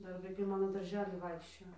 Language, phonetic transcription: Lithuanian, ˈdar vaiˈkai ˈmano darˈžely ˈvaikščiojo

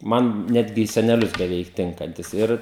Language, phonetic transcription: Lithuanian, ˈman ˈnetgi į seneˈlius beˈveik ˈtinkantis ˈir

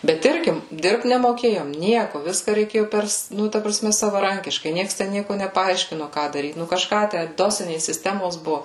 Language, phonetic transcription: Lithuanian, bet ˈirgi ˈdirbt nemoˈkėjom ˈnieku ˈviska reiˈkėju ˈpers ˈnu ta praˈsme savaˈrankiškai ˈnieks ten ˈnieku nepaˈaiškino ˈką daˈryt ˈnu kažˈką ˈtæ ˈdosinės sisˈtemos ˈbuvu

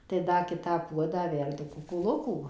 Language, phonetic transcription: Lithuanian, tai ˈda ˈkitą ˈpuodą ˈverdu ˈkukuˈlukų

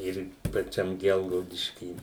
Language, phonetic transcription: Lithuanian, ˈir paˈčiam ˈgelgaudišky

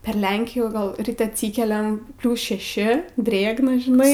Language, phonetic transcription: Lithuanian, per ˈlenkijų ˈgal ˈrit' atˈsykeliam ˈpliūs šeˈši ˈdrėgna žiˈnai

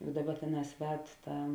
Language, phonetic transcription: Lithuanian, ˈbūdava ˈtėˌnās ˈved ˈta

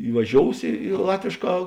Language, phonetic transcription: Lithuanian, ivaˈžious i i ˈlatvėšˌkā

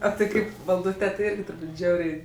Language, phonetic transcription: Lithuanian, o ti ˈkaip valˈdūtė ti ˈirgi turˈbūt' ˈžiauriai

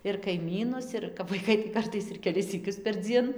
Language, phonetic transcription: Lithuanian, ir kaiˈmynus ir kap vaiˈkai tai ˈkartais ir keˈlis syˈkius perˈdzien

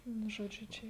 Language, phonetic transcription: Lithuanian, ˈnu ˈžodžiu ˈčia

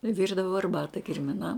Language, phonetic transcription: Lithuanian, ˈvirdavo arˈbata kirmiˈnam

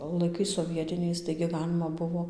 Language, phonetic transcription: Lithuanian, laiˈkais soˈvietiniais taigi ˈgalima ˈbuvo

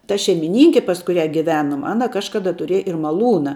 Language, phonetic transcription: Lithuanian, ta šeimiˈninki pas kuˈrią giˈvenum ˈana ˈkažkada tuˈriej ir maˈlūna

